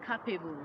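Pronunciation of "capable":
'Capable' is pronounced incorrectly here.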